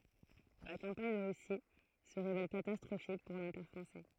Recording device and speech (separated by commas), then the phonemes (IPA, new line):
throat microphone, read sentence
la kɑ̃paɲ də ʁysi sə ʁevɛl katastʁofik puʁ lɑ̃piʁ fʁɑ̃sɛ